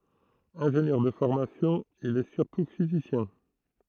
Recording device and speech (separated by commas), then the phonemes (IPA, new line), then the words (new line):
throat microphone, read sentence
ɛ̃ʒenjœʁ də fɔʁmasjɔ̃ il ɛ syʁtu fizisjɛ̃
Ingénieur de formation, il est surtout physicien.